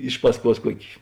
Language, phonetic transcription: Lithuanian, ˈiš pasˌkuos ˈkuoki

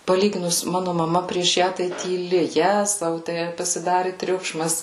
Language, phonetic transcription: Lithuanian, paˈlyginus ˈmanu maˈma prieš ˈją tai tyˈli ˈjezau tę pasiˈdari ˈtriukšmas

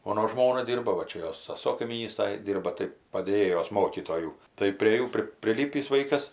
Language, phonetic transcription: Lithuanian, ˈmono ˈžmona ˈdyrba va ˈčia ˈjos saˈso kaimyˈnystoj ˈdyrba tai padėˈjėjos ˈmokytojų tai prė ˈjų pri priˈlypįs ˈvaikas

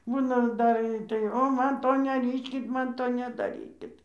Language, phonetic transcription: Lithuanian, ˈbūna ˈdar tai ˈo ˈman ˈto neˈryškit ˈman ˈto nedaˈrykit

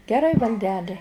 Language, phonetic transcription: Lithuanian, geˈrai valˈdeli

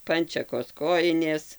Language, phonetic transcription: Lithuanian, ˈpančekos ˈkojinės

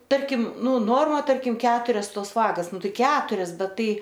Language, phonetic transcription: Lithuanian, ˈtarkim ˈnu ˈnorma ˈtarkim ˈketurias ˈtos ˈvagas ˈnu ˈtai ˈketurias ˈbet ˈtai

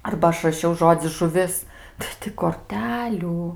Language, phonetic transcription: Lithuanian, arba ˈaš raˈšiau ˈžodzi žuˈvis tai ˈti korˈtelių

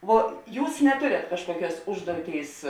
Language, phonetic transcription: Lithuanian, ˈvo ˈjūs neˈtorėt ˈkažkuoˌkiuos ˈužduoˌtėis

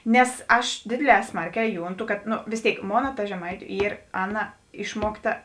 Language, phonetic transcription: Lithuanian, nes ˈaš ˈdėdėˌlē ˈsmarˌkē ˈjunˌtu kad no vės ˈtėik ˈmona ta žeˈmaitiu ˈyr ˈaˌna ˈišmuokˌta

